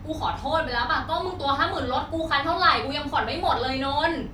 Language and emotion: Thai, angry